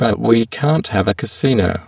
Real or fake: fake